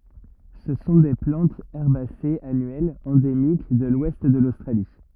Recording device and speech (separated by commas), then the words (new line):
rigid in-ear microphone, read sentence
Ce sont des plantes herbacées annuelles, endémiques de l'ouest de l'Australie.